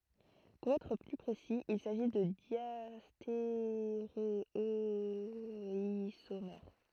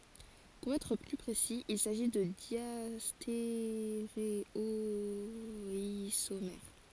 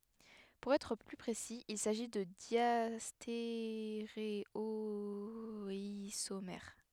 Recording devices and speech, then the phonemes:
throat microphone, forehead accelerometer, headset microphone, read sentence
puʁ ɛtʁ ply pʁesi il saʒi də djasteʁewazomɛʁ

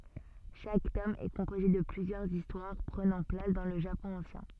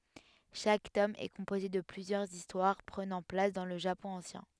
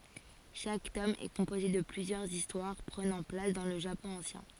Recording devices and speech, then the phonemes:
soft in-ear microphone, headset microphone, forehead accelerometer, read sentence
ʃak tɔm ɛ kɔ̃poze də plyzjœʁz istwaʁ pʁənɑ̃ plas dɑ̃ lə ʒapɔ̃ ɑ̃sjɛ̃

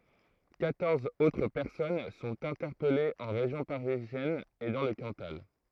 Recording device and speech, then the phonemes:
throat microphone, read sentence
kwatɔʁz otʁ pɛʁsɔn sɔ̃t ɛ̃tɛʁpɛlez ɑ̃ ʁeʒjɔ̃ paʁizjɛn e dɑ̃ lə kɑ̃tal

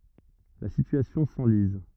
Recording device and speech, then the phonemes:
rigid in-ear microphone, read sentence
la sityasjɔ̃ sɑ̃liz

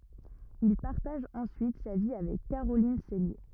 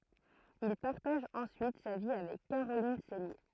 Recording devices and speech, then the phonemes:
rigid in-ear microphone, throat microphone, read sentence
il paʁtaʒ ɑ̃syit sa vi avɛk kaʁolin sɛlje

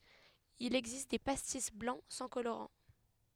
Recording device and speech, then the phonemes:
headset microphone, read sentence
il ɛɡzist de pastis blɑ̃ sɑ̃ koloʁɑ̃

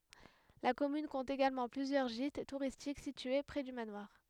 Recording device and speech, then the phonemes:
headset microphone, read sentence
la kɔmyn kɔ̃t eɡalmɑ̃ plyzjœʁ ʒit tuʁistik sitye pʁɛ dy manwaʁ

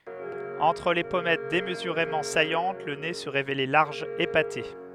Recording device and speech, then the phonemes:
headset microphone, read sentence
ɑ̃tʁ le pɔmɛt demzyʁemɑ̃ sajɑ̃t lə ne sə ʁevelɛ laʁʒ epate

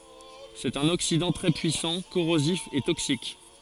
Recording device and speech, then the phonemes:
forehead accelerometer, read sentence
sɛt œ̃n oksidɑ̃ tʁɛ pyisɑ̃ koʁozif e toksik

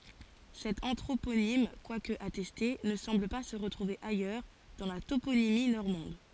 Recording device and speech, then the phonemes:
forehead accelerometer, read sentence
sɛt ɑ̃tʁoponim kwak atɛste nə sɑ̃bl pa sə ʁətʁuve ajœʁ dɑ̃ la toponimi nɔʁmɑ̃d

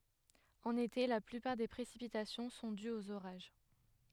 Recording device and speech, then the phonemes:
headset microphone, read sentence
ɑ̃n ete la plypaʁ de pʁesipitasjɔ̃ sɔ̃ dyz oz oʁaʒ

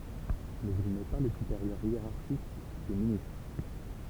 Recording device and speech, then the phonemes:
temple vibration pickup, read sentence
mɛz il nɛ pa lə sypeʁjœʁ jeʁaʁʃik de ministʁ

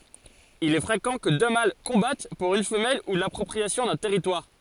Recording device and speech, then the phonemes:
forehead accelerometer, read sentence
il ɛ fʁekɑ̃ kə dø mal kɔ̃bat puʁ yn fəmɛl u lapʁɔpʁiasjɔ̃ dœ̃ tɛʁitwaʁ

